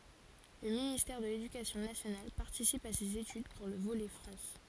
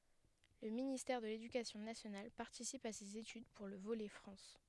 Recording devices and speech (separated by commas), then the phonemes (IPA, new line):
forehead accelerometer, headset microphone, read sentence
lə ministɛʁ də ledykasjɔ̃ nasjonal paʁtisip a sez etyd puʁ lə volɛ fʁɑ̃s